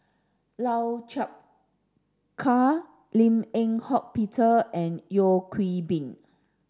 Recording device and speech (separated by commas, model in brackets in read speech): standing microphone (AKG C214), read sentence